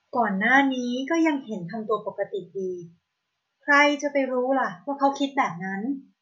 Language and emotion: Thai, frustrated